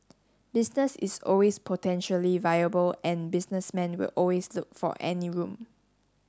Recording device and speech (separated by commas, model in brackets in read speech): standing microphone (AKG C214), read sentence